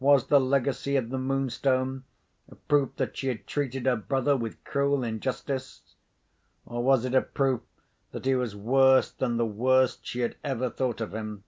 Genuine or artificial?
genuine